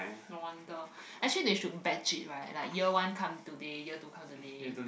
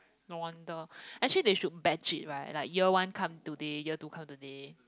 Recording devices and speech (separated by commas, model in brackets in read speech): boundary microphone, close-talking microphone, conversation in the same room